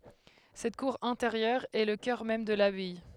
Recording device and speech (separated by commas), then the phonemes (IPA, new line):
headset microphone, read sentence
sɛt kuʁ ɛ̃teʁjœʁ ɛ lə kœʁ mɛm də labaj